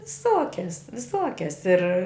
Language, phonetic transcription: Lithuanian, viˈsokias viˈsokias ir

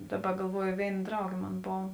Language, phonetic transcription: Lithuanian, ˈdaˌba galˈvuojo ˈvėin ˈdraugė ˈmon ˈbov

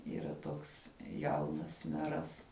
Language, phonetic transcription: Lithuanian, yˈra ˈtoks ˈjaunas ˈmeras

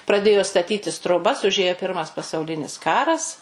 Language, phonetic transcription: Lithuanian, praˈdėjo staˈtytis troˈbas uˈžėjo ˈpirmas pasauˈlinis ˈkaras

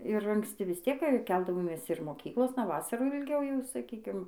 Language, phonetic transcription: Lithuanian, ir anksˈti vis ˈtiek ˈkeldavomės ir moˈkyklosna ˈvasarų jau ilˈgiau jau saˈkykim

